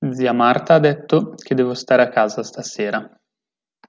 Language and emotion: Italian, neutral